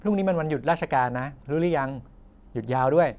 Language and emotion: Thai, neutral